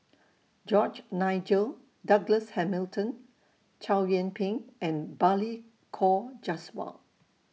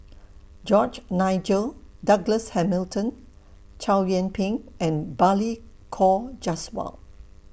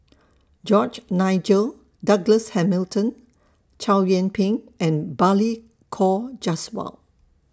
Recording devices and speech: mobile phone (iPhone 6), boundary microphone (BM630), standing microphone (AKG C214), read sentence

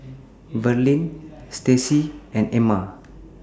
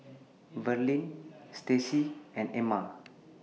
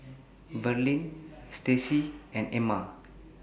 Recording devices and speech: standing microphone (AKG C214), mobile phone (iPhone 6), boundary microphone (BM630), read sentence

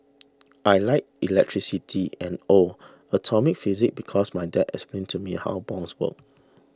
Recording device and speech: standing microphone (AKG C214), read sentence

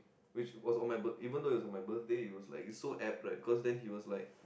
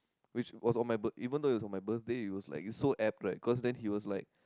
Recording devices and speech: boundary microphone, close-talking microphone, conversation in the same room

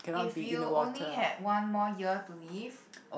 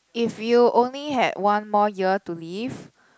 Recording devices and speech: boundary microphone, close-talking microphone, conversation in the same room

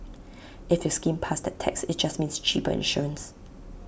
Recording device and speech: boundary microphone (BM630), read sentence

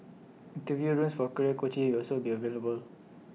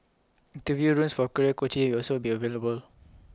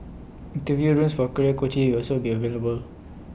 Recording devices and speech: mobile phone (iPhone 6), close-talking microphone (WH20), boundary microphone (BM630), read sentence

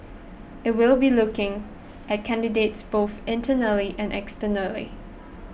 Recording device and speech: boundary microphone (BM630), read sentence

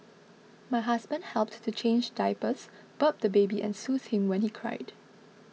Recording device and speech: mobile phone (iPhone 6), read sentence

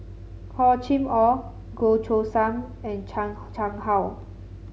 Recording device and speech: mobile phone (Samsung C7), read sentence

